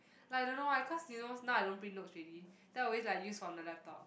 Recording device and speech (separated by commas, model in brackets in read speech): boundary microphone, conversation in the same room